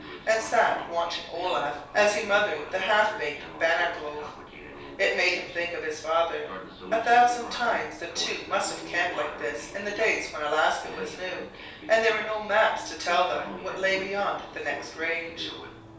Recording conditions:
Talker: one person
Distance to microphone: 3.0 m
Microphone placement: far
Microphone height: 1.8 m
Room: small (3.7 m by 2.7 m)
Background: television

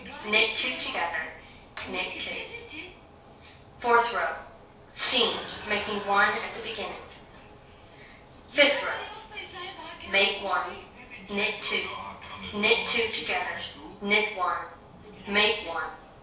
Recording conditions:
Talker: one person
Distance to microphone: 3.0 m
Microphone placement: far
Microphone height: 1.8 m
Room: small (3.7 m by 2.7 m)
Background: television

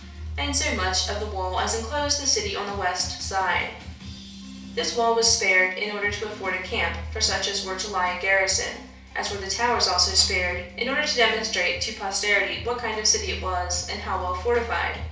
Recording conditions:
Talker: one person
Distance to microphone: 3.0 m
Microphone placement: far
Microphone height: 1.8 m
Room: small (3.7 m by 2.7 m)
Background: music

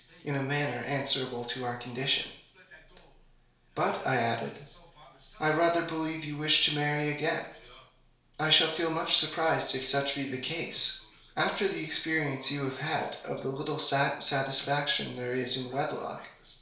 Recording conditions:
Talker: one person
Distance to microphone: 1.0 m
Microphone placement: close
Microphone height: 1.1 m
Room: small (3.7 m by 2.7 m)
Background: television

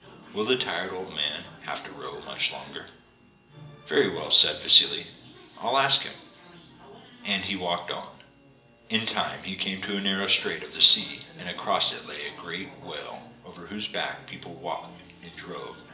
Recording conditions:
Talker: one person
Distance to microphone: 1.8 m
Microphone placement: close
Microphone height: 1.0 m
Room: large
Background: television

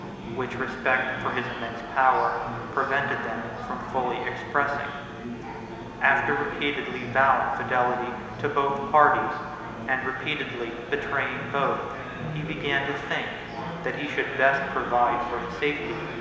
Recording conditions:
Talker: one person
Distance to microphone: 1.7 m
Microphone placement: close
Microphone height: 1.0 m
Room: very reverberant, large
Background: babble

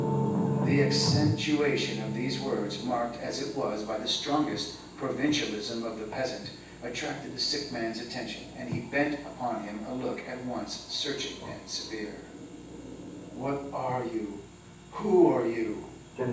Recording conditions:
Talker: one person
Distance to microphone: 9.8 m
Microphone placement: far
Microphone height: 1.8 m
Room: large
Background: television

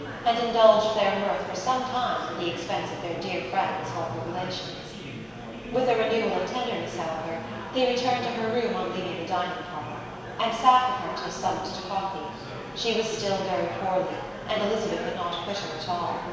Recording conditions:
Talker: one person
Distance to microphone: 1.7 m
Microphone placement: close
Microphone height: 1.0 m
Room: very reverberant, large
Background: babble

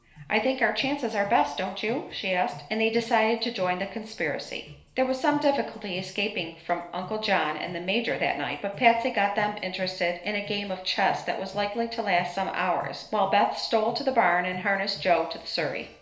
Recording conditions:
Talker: one person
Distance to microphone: 1.0 m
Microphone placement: close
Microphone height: 1.1 m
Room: small (3.7 m by 2.7 m)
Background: music

